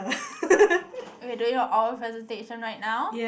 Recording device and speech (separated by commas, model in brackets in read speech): boundary microphone, conversation in the same room